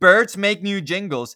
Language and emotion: English, disgusted